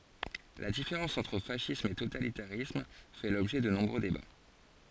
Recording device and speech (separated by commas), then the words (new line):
forehead accelerometer, read sentence
La différence entre fascisme et totalitarisme fait l'objet de nombreux débats.